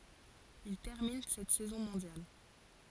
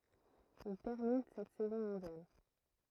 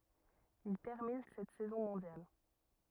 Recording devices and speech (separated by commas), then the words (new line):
forehead accelerometer, throat microphone, rigid in-ear microphone, read sentence
Il termine cette saison mondial.